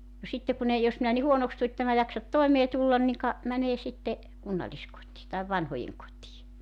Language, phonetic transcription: Finnish, no 'sitte kun ‿ei 'jos minä ni "huonoks tu 'ette mä 'jaksat "toemee tullan niŋ ka , mänee 'sitte , 'kunnaĺiskot̀ii taiv 'vanhojeŋ kot́ii .
- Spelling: no sitten kun ei jos minä niin huonoksi tulen että en minä jaksa toimeen tulla niin ka menee sitten kunnalliskotiin tai vanhojen kotiin

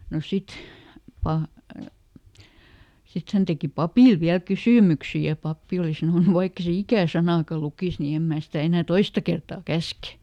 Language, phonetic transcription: Finnish, no ˈsit , pa- , ˈsit hän teki "papìl viäl "kysỳmyksi ja ˈpappi oli ˈsanònu » ˈvaikk ‿e se ˈikä̀ ˈsanàka ˈlukìs ni ˈem mää sitä enä̀ "toista kertaa "käske .
- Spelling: no sitten - sitten hän teki papille vielä kysymyksiä ja pappi oli sanonut vaikka ei se ikänä sanaakaan lukisi niin en minä sitä enää toista kertaa käske

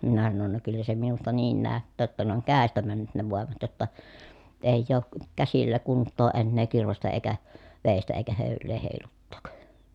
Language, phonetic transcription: Finnish, minä sanon » no kyllä se minusta niin nä̀öttää ‿ttä ne oŋ kä̀estä männyt ne vòemat jotta , èij̆j ‿ook , käsillä kunttoo ennee kirvestä eikä , vèistä eikä hö̀yl̀ee hèiluttook » .
- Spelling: minä sanoin no kyllä se minusta niin näyttää että ne on kädestä mennyt ne voimat jotta ei ole käsillä kuntoa enää kirvestä eikä veistä eikä höylää heiluttaa

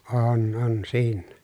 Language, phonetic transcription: Finnish, oon on siinnä .
- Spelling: on on siinä

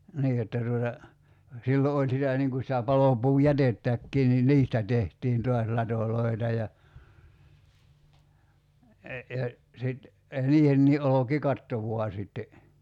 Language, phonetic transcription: Finnish, 'nii jotta tuota , 'sillo 'oĺ sitä niŋ ku sitä 'palopuu"jätettäkkii ni "niistä 'tehtiin 'tuas 'latoloi̬ta ja , ja , sit , 'niihennii '’oloki"katto vua sitte .
- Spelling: niin jotta tuota silloin oli sitä niin kuin sitä palopuujätettäkin niin niistä tehtiin taas latoja ja ja sitten niihinkin olkikatto vain sitten

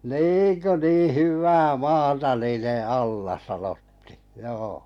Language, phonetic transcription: Finnish, » "niiŋ kö 'nii 'hyvvää 'maata niine 'alla « sanotti̳ , 'joo .
- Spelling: niin kun niin hyvää maata niiden alla sanottiin joo

